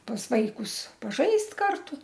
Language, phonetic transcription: Lithuanian, pas ˈvaikus paˈžaist' ˈkartu

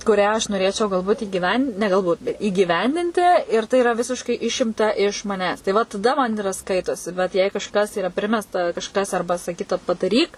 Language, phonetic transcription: Lithuanian, kuˈrią aš noˈrėčiau galˈbūt' igyˈvendin ne galˈbūt įgyˈvendinti ir tai iˈra ˈvisiškai ˈišimta iš maˈnęs tai ˈva taˈda man iˈra ˈskaitosi ˈbet jei kažˈkas yˈra ˈprimesta kažˈkas ˈarba saˈkyta padaˈryk

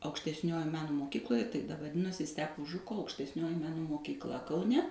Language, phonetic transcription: Lithuanian, aukštesˈniojoj ˈmeno moˈkykloje tai vaˈdinosi ˈstepo ˈžuko aukštesˈnioji ˈmeno mokykˈla kauˈne

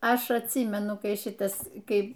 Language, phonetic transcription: Lithuanian, ˈaš atˈsymenu ˈkai ˈšitas ˈkai

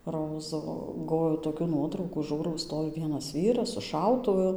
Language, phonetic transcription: Lithuanian, ˈrozu ˈgoviau toˈkių ˈnuotraukų ˈžūrau ˈstovi ˈvienas ˈvyras su ˈšautuvu

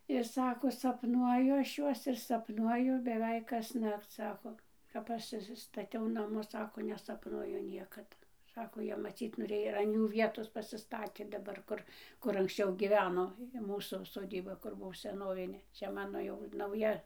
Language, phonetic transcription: Lithuanian, ir ˈsako sapˈnuoju ˈaš ˈjuos ir sapˈnuoju beˈveik kasˈnakc ˈsako kap ˈaš išsistaˈtiau ˈnamus ˈsako nesapˈnuoju ˈniekad ˈsako ˈjie maˈcyt noˈrėjo ir an ˈjų ˈvietos pasiˈstatė daˈbar ˈkur ˈkur anksˈčiau gyˈveno i ˈmūsų soˈdyba ˈkur ˈbuo seˈnovinė ˈčia ˈmano jau nauˈja

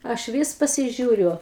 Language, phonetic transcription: Lithuanian, ˈaš ˈvys pasiˈžiūriu

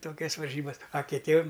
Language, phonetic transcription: Lithuanian, ˈtokias varˈžybas a kiˈtiem

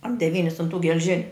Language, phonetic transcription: Lithuanian, ar deˈvynis un tų gelˈžiniu

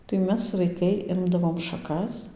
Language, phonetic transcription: Lithuanian, tai ˈmes vaiˈkai ˈimdavom šaˈkas

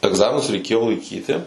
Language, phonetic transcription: Lithuanian, egˈzaminus reiˈkėjo laiˈkyti

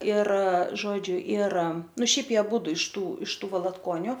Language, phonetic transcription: Lithuanian, ir ˈžodžiu ir ˈnu ˈšiaip ˈjie aˈbūdu iš ˈtų iš ˈtų valatˈkoniu

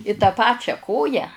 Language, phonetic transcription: Lithuanian, i ta ˈpačia ˈkoją

